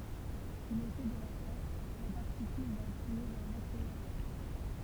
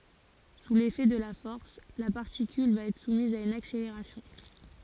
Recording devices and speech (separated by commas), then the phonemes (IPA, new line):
temple vibration pickup, forehead accelerometer, read sentence
su lefɛ də la fɔʁs la paʁtikyl va ɛtʁ sumiz a yn akseleʁasjɔ̃